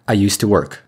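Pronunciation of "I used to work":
'I used to work' is said with linked pronunciation, so the words connect together instead of being said one by one.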